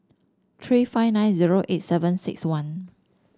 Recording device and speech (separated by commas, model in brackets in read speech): standing microphone (AKG C214), read sentence